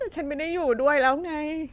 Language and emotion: Thai, sad